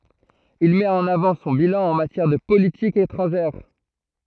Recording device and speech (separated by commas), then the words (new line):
throat microphone, read sentence
Il met en avant son bilan en matière de politique étrangère.